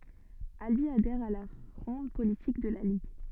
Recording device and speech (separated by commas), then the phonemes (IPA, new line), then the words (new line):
soft in-ear microphone, read sentence
albi adɛʁ a la fʁɔ̃d politik də la liɡ
Albi adhère à la fronde politique de la Ligue.